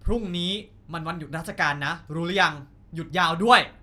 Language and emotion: Thai, angry